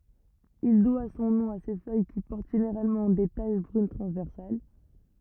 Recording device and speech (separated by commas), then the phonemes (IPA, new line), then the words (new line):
rigid in-ear microphone, read sentence
il dwa sɔ̃ nɔ̃ a se fœj ki pɔʁt ʒeneʁalmɑ̃ de taʃ bʁyn tʁɑ̃zvɛʁsal
Il doit son nom à ses feuilles qui portent généralement des taches brunes transversales.